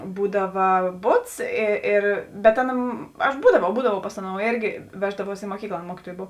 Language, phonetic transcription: Lithuanian, ˈbūdava ˈbuts i ˈir bet ˈaˌna aš ˈbūdavau ˈbūdavau ˈpas aˌnou ˈėrgi ˈveždavuos i muoˈkykla ˈaˌna ˈmuokituojė ˈbov

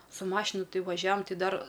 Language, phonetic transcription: Lithuanian, su ˈmašinu ˈtai vaˈžiavam ˈti ˈdar

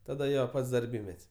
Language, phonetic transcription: Lithuanian, taˈda ˈjo ˈpats darˈbymet's'

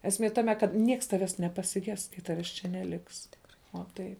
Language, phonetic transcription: Lithuanian, esˈmie ˈtame kad ˈnieks ˈtaves nepasiˈges kai ˈtaves čia neˈliks tikˈrai o ˈtai

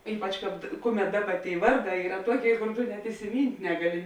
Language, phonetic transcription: Lithuanian, ˈypač ˈkāp ˈkuˌmet ˈdaˌba tėi ˈvarˌdā ˈyra ˈtuoˌkėi kor ˈtu net isiˈmynt' ˈnegaˌli

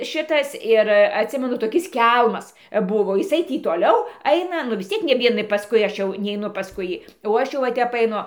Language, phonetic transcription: Lithuanian, ˈšitas ir atˈsimenu toˈkis ˈkelmas ˈbuvo jiˈsai ˈtį toˈliau ˈaina nu vis ˈciek ne ˈvienai pasˈkui ˈaš jau neiˈnu pasˈkui ˈjį o ˈaš jau va ˈtep aiˈnu

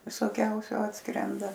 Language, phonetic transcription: Lithuanian, visoˈkiausiu ˈatskrenda

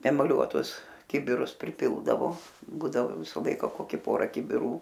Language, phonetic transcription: Lithuanian, emaˈliuotus ˈkibirus priˈpildavo ˈbūdavo ˈvisa ˈlaika ˈkoki ˈpora kibiˈrų

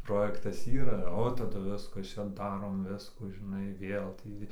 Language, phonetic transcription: Lithuanian, ˈprojektas ˈyra o taˈdu ˈviskas ˈčia ˈdarom ˈviskų žiˈnai ˈvėl ˈtį

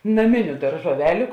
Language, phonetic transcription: Lithuanian, naˈminiu daržuoˈveliu

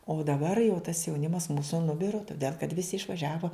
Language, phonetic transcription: Lithuanian, o daˈbar jau tas jauˈnimas ˈmūsu nuˈbiro toˈdėl kad ˈvisi išvaˈžiavo

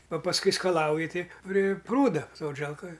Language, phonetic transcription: Lithuanian, a pasˈkui skaˈlauji ˈtai pri ˈprūda ˈsodželkoj

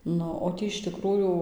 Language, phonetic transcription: Lithuanian, ˈnu o ˈtį iš ˈtikrųjų

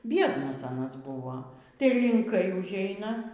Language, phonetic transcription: Lithuanian, ˈbiednas aˈnas ˈbuvo tai linˈkai užˈeina

